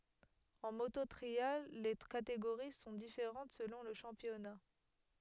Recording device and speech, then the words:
headset microphone, read sentence
En moto trial, les catégories sont différentes selon le championnat.

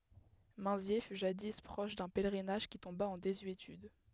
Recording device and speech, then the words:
headset microphone, read sentence
Minzier fut jadis proche d'un pèlerinage qui tomba en désuétude.

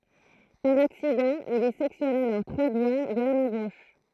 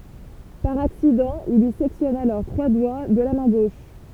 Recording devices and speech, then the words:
throat microphone, temple vibration pickup, read sentence
Par accident, il lui sectionne alors trois doigts de la main gauche.

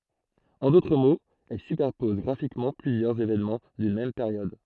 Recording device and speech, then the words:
throat microphone, read sentence
En d’autres mots, elle superpose graphiquement plusieurs événements d’une même période.

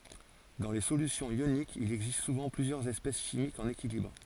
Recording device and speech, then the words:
forehead accelerometer, read sentence
Dans les solutions ioniques, il existe souvent plusieurs espèces chimiques en équilibre.

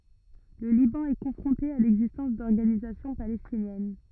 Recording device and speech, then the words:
rigid in-ear microphone, read sentence
Le Liban est confronté à l'existence d'organisations palestinienne.

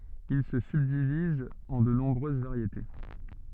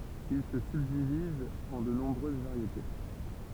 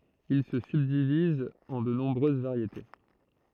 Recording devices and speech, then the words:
soft in-ear microphone, temple vibration pickup, throat microphone, read sentence
Il se subdivise en de nombreuses variétés.

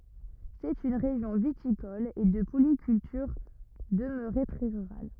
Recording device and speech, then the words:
rigid in-ear microphone, read sentence
C'est une région viticole et de polyculture, demeurée très rurale.

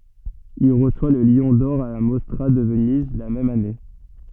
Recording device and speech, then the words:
soft in-ear microphone, read sentence
Il reçoit le Lion d'or à la Mostra de Venise la même année.

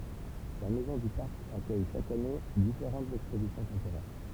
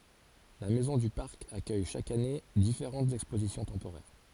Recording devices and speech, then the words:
temple vibration pickup, forehead accelerometer, read sentence
La maison du Parc accueille chaque année différentes expositions temporaires.

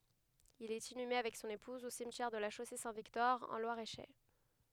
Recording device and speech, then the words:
headset microphone, read sentence
Il est inhumé avec son épouse au cimetière de La Chaussée-Saint-Victor en Loir-et-Cher.

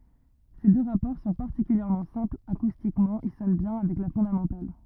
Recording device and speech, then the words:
rigid in-ear microphone, read sentence
Ces deux rapports sont particulièrement simples, acoustiquement ils sonnent bien avec la fondamentale.

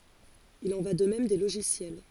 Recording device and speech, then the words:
forehead accelerometer, read sentence
Il en va de même des logiciels.

